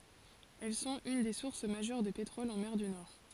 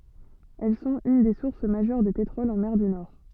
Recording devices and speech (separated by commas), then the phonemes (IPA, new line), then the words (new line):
forehead accelerometer, soft in-ear microphone, read sentence
ɛl sɔ̃t yn de suʁs maʒœʁ də petʁɔl ɑ̃ mɛʁ dy nɔʁ
Elles sont une des sources majeures de pétrole en mer du Nord.